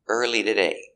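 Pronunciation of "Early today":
In 'early today', the t at the start of 'today' is changed to a fast d sound.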